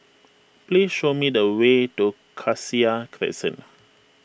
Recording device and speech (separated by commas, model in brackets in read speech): boundary microphone (BM630), read sentence